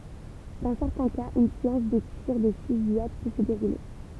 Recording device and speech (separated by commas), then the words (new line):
temple vibration pickup, read sentence
Dans certains cas, une séance de tirs de fusillade peut se dérouler.